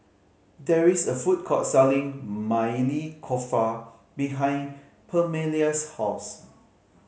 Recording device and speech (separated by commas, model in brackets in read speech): mobile phone (Samsung C5010), read sentence